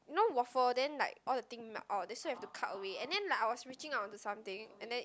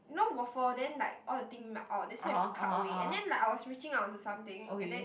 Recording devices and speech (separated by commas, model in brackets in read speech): close-talking microphone, boundary microphone, conversation in the same room